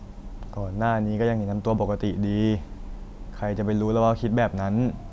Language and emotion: Thai, neutral